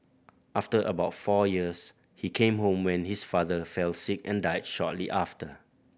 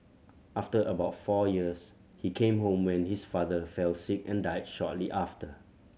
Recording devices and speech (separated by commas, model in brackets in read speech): boundary microphone (BM630), mobile phone (Samsung C7100), read sentence